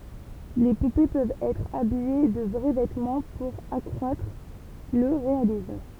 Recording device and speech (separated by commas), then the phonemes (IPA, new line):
temple vibration pickup, read sentence
le pupe pøvt ɛtʁ abije də vʁɛ vɛtmɑ̃ puʁ akʁwatʁ lə ʁealism